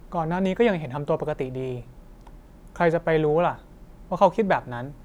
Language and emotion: Thai, neutral